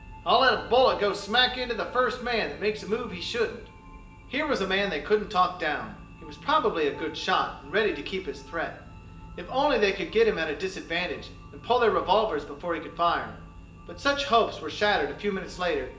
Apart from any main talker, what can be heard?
Music.